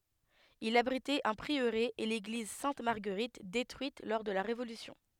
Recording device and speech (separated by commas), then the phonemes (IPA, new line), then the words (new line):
headset microphone, read sentence
il abʁitɛt œ̃ pʁiøʁe e leɡliz sɛ̃t maʁɡəʁit detʁyit lɔʁ də la ʁevolysjɔ̃
Il abritait un prieuré et l'église Sainte-Marguerite détruite lors de la Révolution.